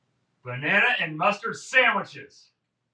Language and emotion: English, disgusted